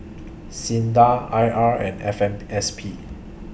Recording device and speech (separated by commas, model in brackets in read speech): boundary microphone (BM630), read sentence